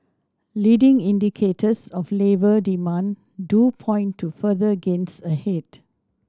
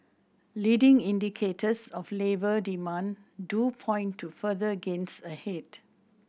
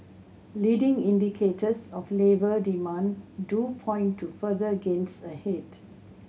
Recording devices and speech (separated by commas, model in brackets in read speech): standing microphone (AKG C214), boundary microphone (BM630), mobile phone (Samsung C7100), read sentence